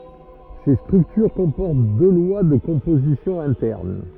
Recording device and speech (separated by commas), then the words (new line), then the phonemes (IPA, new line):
rigid in-ear microphone, read sentence
Ces structures comportent deux lois de composition internes.
se stʁyktyʁ kɔ̃pɔʁt dø lwa də kɔ̃pozisjɔ̃ ɛ̃tɛʁn